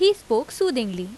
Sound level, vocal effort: 85 dB SPL, normal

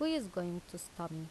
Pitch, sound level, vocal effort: 175 Hz, 84 dB SPL, normal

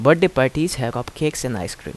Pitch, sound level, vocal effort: 130 Hz, 84 dB SPL, normal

